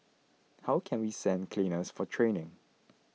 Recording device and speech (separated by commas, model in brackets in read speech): mobile phone (iPhone 6), read sentence